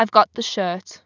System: none